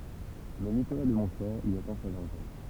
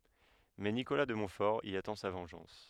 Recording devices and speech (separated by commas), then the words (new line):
temple vibration pickup, headset microphone, read sentence
Mais Nicolas de Montfort y attend sa vengeance.